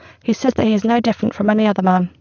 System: VC, spectral filtering